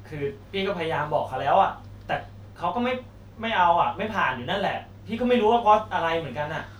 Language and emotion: Thai, frustrated